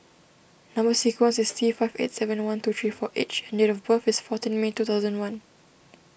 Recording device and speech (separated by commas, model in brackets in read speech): boundary microphone (BM630), read sentence